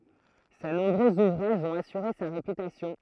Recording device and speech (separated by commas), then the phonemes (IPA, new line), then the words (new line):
throat microphone, read sentence
se nɔ̃bʁøz uvʁaʒz ɔ̃t asyʁe sa ʁepytasjɔ̃
Ses nombreux ouvrages ont assuré sa réputation.